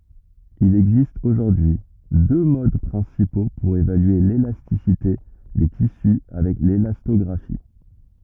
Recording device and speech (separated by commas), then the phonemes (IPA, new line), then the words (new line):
rigid in-ear microphone, read sentence
il ɛɡzist oʒuʁdyi y dø mod pʁɛ̃sipo puʁ evalye lelastisite de tisy avɛk lelastɔɡʁafi
Il existe aujourd'hui deux modes principaux pour évaluer l'élasticité des tissus avec l'élastographie.